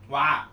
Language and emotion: Thai, neutral